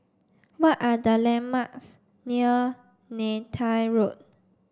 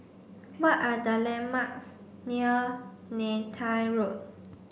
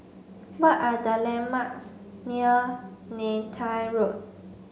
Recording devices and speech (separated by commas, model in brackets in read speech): standing microphone (AKG C214), boundary microphone (BM630), mobile phone (Samsung C5), read sentence